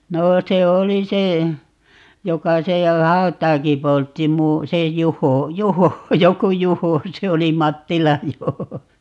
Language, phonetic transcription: Finnish, 'noo se "oli se , 'joka ('siellä) "hau̬t̀aaki 'poltti mu- , 'se 'Juho , "Juho , 'joku "Juho 'se oli - "Mattilaj 'Juho .
- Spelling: no se oli se joka siellä hautaakin poltti - se Juho Juho joku Juho se oli Mattilan Juho

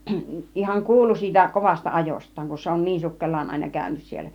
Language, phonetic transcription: Finnish, ihaŋ "kuulu siitä 'kovasta "ajost̆taaŋ kun̬ se on "niin 'sukkel̆laan àina 'kä̀ynys siel̆lä .
- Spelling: ihan kuulu siitä kovasta ajostaan kun se on niin sukkelaan aina käynyt siellä

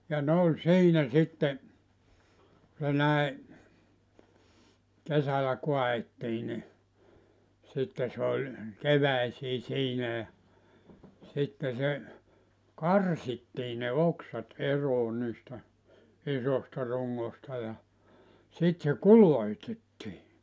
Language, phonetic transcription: Finnish, ja ne oĺ 'siinä 'sitte , ku se 'näi , 'kesälä 'koa₍ettii ni , sitte sᵉ ‿oĺ , 'keväisii 'siinä ja , sitte se , "karsittii ne "oksat "eroo niistä , 'isosta 'ruŋŋosta ja , 'sit se "kuloitettii .
- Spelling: ja ne oli siinä sitten kun se näin kesällä kaadettiin niin sitten se oli keväisin siinä ja sitten se karsittiin ne oksat eroon niistä isoista rungoista ja sitten se kulotettiin

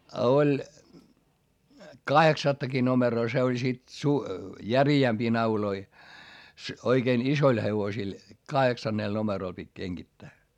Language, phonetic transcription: Finnish, a oĺ , kaheksattaki nomeroo se oĺ sit su- , järi₍ämpii nauloi , oikein isoil hevosil , kaheksannèl nomeròl pit́ keŋGittää .
- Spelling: ja oli kahdeksattakin numeroa se oli sitten - järeämpiä nauloja oikein isoille hevosille kahdeksanella numerolla piti kengittää

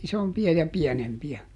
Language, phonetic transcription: Finnish, ˈisompi₍a ja ˈpiɛnempi₍ä .
- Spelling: isompia ja pienempiä

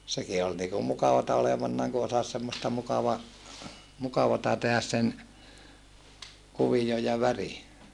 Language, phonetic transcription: Finnish, seki ol niikum mukavata olevannaaŋ ku osas semmosta mukava- , mukavata tehäs sen , kuvijoj ja väri .
- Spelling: sekin oli niin kuin mukavaa olevanaan kun osasi semmoista - mukavaa tehdä sen kuvion ja värin

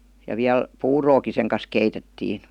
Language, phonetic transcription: Finnish, ja 'viäl , "puurooki seŋ kas 'keitettiin̬ .
- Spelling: ja vielä puuroakin sen kanssa keitettiin

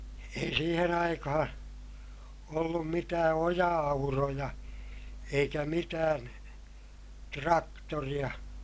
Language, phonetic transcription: Finnish, ei siihen ‿aikahaa̰ , ollum mitää oja₍auroja , eikä mitään , traktoriʲa .
- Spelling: ei siihen aikaan ollut mitään oja-auroja eikä mitään traktoreita

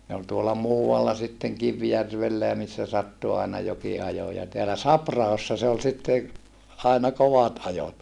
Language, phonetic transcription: Finnish, ne ol tuola muu₍alla sitteŋ Kivjärvellä ja missä sattu àena joki ajo ja teälä Saprahossa se ol sitte , aina kovat ajot .
- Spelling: ne oli tuolla muualla sitten Kivijärvellä ja missä sattui aina jokin ajoi ja täällä Sapra-ahossa se oli sitten aina kovat ajot

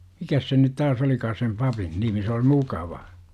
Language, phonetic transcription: Finnish, 'mikäs sen nyt täs 'olikaa sem "pa - pin 'nimi se oi "mukava ?
- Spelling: mikäs sen nyt tässä olikaan sen - papin nimi se oli mukava

